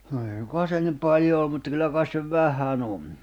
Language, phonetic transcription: Finnish, no ei suŋkoa se nim "paĺjo oom mutᵗᵃ 'kyllä kais se "vähä'n ‿on .
- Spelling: no ei suinkaan se niin paljon ole mutta kyllä kai se vähän on

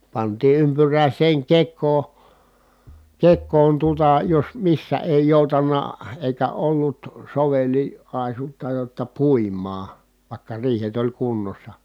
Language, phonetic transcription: Finnish, pantii ympyrä̀is̀eeŋ kek̆koo , kek̆koon tuota jos missä èi jòutanna , èikä ollut soveli- , -àisutta jotta pùim̀aa , vài̮kka riihet ‿oĺ kunnossa .
- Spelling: pantiin ympyräiseen kekoon kekoon tuota jos missä ei joutanut eikä ollut - soveliaisuutta jotta puimaan vaikka riihet oli kunnossa

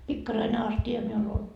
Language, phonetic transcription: Finnish, 'pikkaraine asti₍a 'miul ‿ol .
- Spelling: pikkarainen astia minulla oli

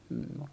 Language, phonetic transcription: Finnish, m - mu -
- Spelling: - -

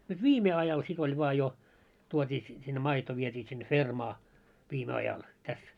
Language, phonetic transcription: Finnish, nyt "viime 'ajal sit ‿oĺ vᵒa jo , tuot́ii si- sinne 'maito viet́ii sinne "fermaa , viime ajal , täs .
- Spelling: nyt viime ajalla sitten oli vain jo tuotiin - sinne maito vietiin sinne fermaan viime ajalla tässä

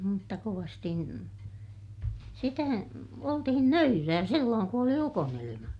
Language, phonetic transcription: Finnish, mutta kovasti , sitä , oltihin nöyrää sillooŋ ku oli ukonilima .
- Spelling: mutta kovasti sitä oltiin nöyrää silloin kun oli ukonilma

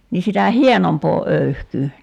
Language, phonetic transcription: Finnish, ni sitä "hienompoo 'öyhkyy .
- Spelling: niin sitä hienompaa öyhkyä

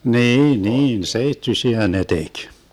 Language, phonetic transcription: Finnish, 'niin 'niin "seittysiä ne 'tek .
- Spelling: niin niin seittyisiä ne teki

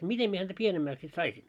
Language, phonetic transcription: Finnish, 'mitem mie häntä 'pienemmäks sit 'saisin ?
- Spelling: miten minä häntä pienemmäksi sitten saisin

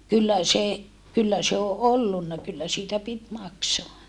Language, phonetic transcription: Finnish, kyllä se , kyllä se o ʼollunna kyllä siitä pit maksoa .
- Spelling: kyllä se kyllä se on ollut kyllä siitä piti maksaa

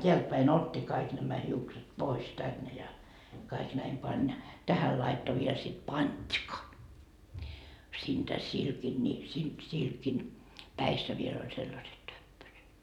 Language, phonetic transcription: Finnish, 'teältpäin "ot́t́i kaik nämä 'hiukset "pois 'tänne ja , kaik näim 'pań ja , 'tähäl laitto viel sit "pańDka , siintä 'silkin ni , si- , 'silkin , "päissä viel ‿oĺ sellaset 'töppöset .
- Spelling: täältäpäin otti kaikki nämä hiukset pois tänne ja kaikki näin pani ja tähän laittoi vielä sitten pantka siitä silkin niin - silkin päissä vielä oli sellaiset töppöset

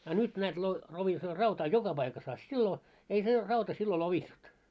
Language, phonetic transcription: Finnish, a 'nyt näät lo- , lovisoo 'rautaa "joka paikas a 'sillo , ei se , 'rauta sillo "lovissut .
- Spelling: a nyt näet - lovisoo rautaa joka paikassa a silloin ei se rauta silloin lovissut

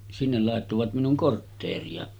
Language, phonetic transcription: Finnish, sinnel làettovat 'minuŋ "kortteeri₍a .
- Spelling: sinne laittoivat minun kortteeria

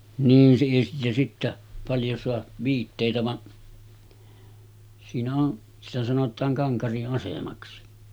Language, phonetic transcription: Finnish, 'niin sii- ja sittä , paljo soa , 'viittèitä va’ , siinä on , sitä 'sanot̆taaŋ 'Kaŋkari’ ’asemaksi .
- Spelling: niin - ja sitten paljon saa viitteitä vaan siinä on sitä sanotaan Kankarin asemaksi

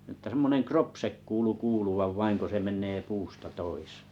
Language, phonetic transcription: Finnish, ᵊttä semmoneŋ "kropsek 'kuulu 'kuuluvav vaiŋ ko se 'men̆nee 'puusta 'toisee .
- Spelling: että semmoinen kropse kuului kuuluvan vain kun se menee puusta toiseen

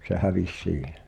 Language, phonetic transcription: Finnish, se "hävis 'siihᴇ .
- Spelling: se hävisi siihen

